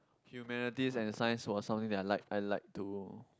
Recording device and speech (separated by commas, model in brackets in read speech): close-talking microphone, conversation in the same room